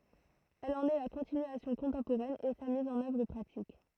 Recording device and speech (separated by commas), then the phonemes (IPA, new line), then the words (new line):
throat microphone, read sentence
ɛl ɑ̃n ɛ la kɔ̃tinyasjɔ̃ kɔ̃tɑ̃poʁɛn e sa miz ɑ̃n œvʁ pʁatik
Elle en est la continuation contemporaine et sa mise en œuvre pratique.